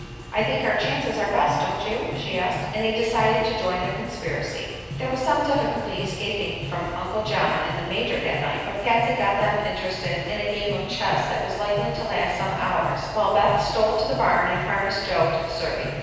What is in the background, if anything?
Music.